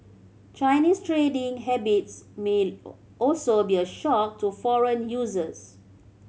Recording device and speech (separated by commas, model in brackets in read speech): mobile phone (Samsung C7100), read sentence